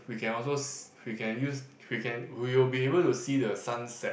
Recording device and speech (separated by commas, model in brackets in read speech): boundary microphone, conversation in the same room